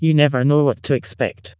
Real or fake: fake